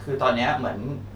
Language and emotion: Thai, sad